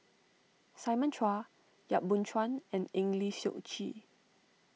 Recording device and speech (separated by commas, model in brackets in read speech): mobile phone (iPhone 6), read sentence